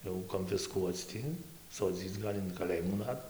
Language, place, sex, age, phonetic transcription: Lithuanian, Dzūkija, male, 18-60, jau konfisˈkuoc ti soˈdzyc ˈgal' in kaˈlėjimų ˈnat

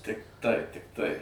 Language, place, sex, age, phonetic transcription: Lithuanian, Suvalkija, male, 60+, ˈtik tai tikˈtai

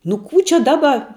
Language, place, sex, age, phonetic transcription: Lithuanian, Žemaitija, female, 18-60, nu ˈkų čia ˈdaba

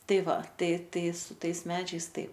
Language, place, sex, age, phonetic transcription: Lithuanian, Aukštaitija, female, 18-60, ˈtai ˈva ˈtai ˈtai su ˈtais ˈmedžiais ˈtaip

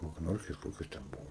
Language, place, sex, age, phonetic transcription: Lithuanian, Aukštaitija, male, 18-60, vagˈnorkės ˈkokios ten ˈbuvo

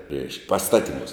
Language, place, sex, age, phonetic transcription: Lithuanian, Žemaitija, male, 60+, reišk pasˈtatiˌmūs

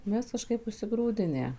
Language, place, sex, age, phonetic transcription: Lithuanian, Suvalkija, female, 18-60, ˈmes kaˈžkaip užsiˈgrūdinę

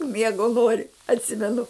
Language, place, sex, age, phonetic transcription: Lithuanian, Žemaitija, female, 60+, ˈmiego ˈnori atˈsimenu

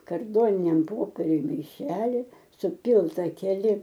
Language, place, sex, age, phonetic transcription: Lithuanian, Aukštaitija, female, 60+, karˈdoniniam ˈpopieriuj maiˈšeli suˈpylta keˈli

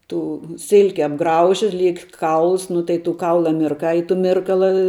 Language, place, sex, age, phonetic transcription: Lithuanian, Žemaitija, female, 18-60, ˈtų ˈsilki apˈgrauži ˈliek ˈkauls ˈnu tai tų ˈkaula mirˈkai i tu ˈmirkala

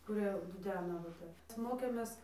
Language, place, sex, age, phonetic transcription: Lithuanian, Dzūkija, female, 18-60, kuˈrie duˈdena va ˈtep ˈmokėmės

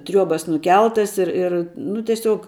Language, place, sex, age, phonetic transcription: Lithuanian, Žemaitija, female, 18-60, ˈtriuobas nuˈkeltas ir ir ˈnu teˈsiuog

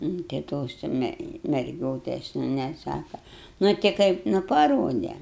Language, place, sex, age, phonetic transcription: Lithuanian, Aukštaitija, female, 60+, nu tai ˈtos jau ˈme merˈgiotes jau neˈsaka nu ti ˈkaip nu paˈrode

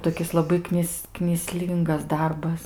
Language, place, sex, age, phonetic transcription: Lithuanian, Aukštaitija, female, 18-60, toˈkis laˈbai ˈknis knyˈslyngas ˈdarbas

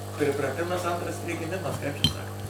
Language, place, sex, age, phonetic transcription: Lithuanian, Suvalkija, male, 60+, pripraˈtimas ˈantras prigiˈmimas kaip čia ˈsako

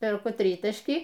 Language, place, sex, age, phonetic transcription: Lithuanian, Aukštaitija, female, 60+, perˈku ˈtrytašky

